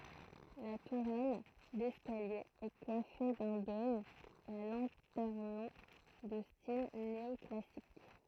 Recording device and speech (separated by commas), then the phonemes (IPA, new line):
throat microphone, read sentence
la tuʁɛl dɛskalje ɛ kwafe dœ̃ dom a lɑ̃tɛʁnɔ̃ də stil neɔklasik